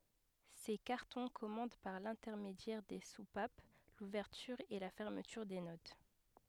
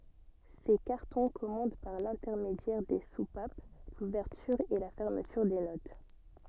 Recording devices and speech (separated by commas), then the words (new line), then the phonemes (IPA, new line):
headset microphone, soft in-ear microphone, read sentence
Ces cartons commandent par l'intermédiaire des soupapes l'ouverture et la fermeture des notes.
se kaʁtɔ̃ kɔmɑ̃d paʁ lɛ̃tɛʁmedjɛʁ de supap luvɛʁtyʁ e la fɛʁmətyʁ de not